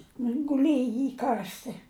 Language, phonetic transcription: Lithuanian, ˈnu jin guˈlėji ˈy ˈkarsti

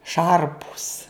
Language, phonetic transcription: Lithuanian, ˈšarpus

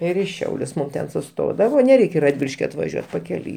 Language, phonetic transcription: Lithuanian, ˈir i ˈšiaulius ˈmum ten suˈstodavo neˈreik' i radˈviliški atvaˈžiuot pakeˈliui

